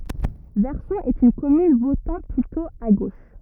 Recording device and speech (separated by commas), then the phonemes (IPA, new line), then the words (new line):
rigid in-ear microphone, read sentence
vɛʁsɔ̃ ɛt yn kɔmyn votɑ̃ plytɔ̃ a ɡoʃ
Verson est une commune votant plutôt à gauche.